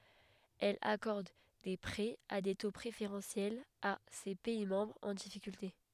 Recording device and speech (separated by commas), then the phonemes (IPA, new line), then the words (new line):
headset microphone, read sentence
ɛl akɔʁd de pʁɛz a de to pʁefeʁɑ̃sjɛlz a se pɛi mɑ̃bʁz ɑ̃ difikylte
Elle accorde des prêts à des taux préférentiels à ses pays membres en difficulté.